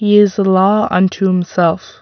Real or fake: real